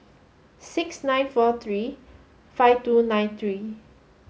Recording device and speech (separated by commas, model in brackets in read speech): mobile phone (Samsung S8), read sentence